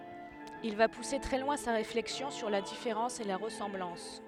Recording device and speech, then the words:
headset microphone, read sentence
Il va pousser très loin sa réflexion sur la différence et la ressemblance.

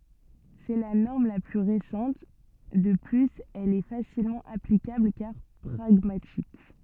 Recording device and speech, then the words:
soft in-ear microphone, read sentence
C’est la norme la plus récente, de plus elle est facilement applicable car pragmatique.

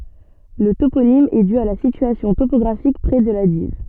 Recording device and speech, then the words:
soft in-ear microphone, read sentence
Le toponyme est dû à la situation topographique près de la Dives.

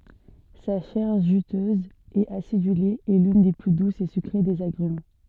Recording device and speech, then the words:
soft in-ear microphone, read sentence
Sa chair juteuse et acidulée est l'une des plus douces et sucrées des agrumes.

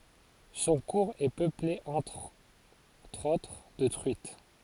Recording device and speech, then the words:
forehead accelerometer, read sentence
Son cours est peuplé, entre autres, de truites.

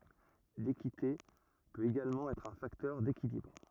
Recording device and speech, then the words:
rigid in-ear microphone, read sentence
L'équité peut également être un facteur d'équilibre.

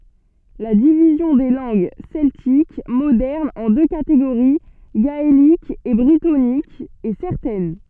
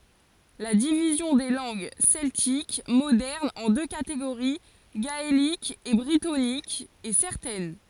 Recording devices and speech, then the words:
soft in-ear microphone, forehead accelerometer, read sentence
La division des langues celtiques modernes en deux catégories, gaélique et brittonique, est certaine.

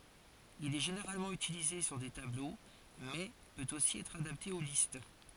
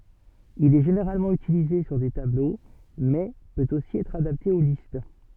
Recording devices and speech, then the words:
forehead accelerometer, soft in-ear microphone, read sentence
Il est généralement utilisé sur des tableaux, mais peut aussi être adapté aux listes.

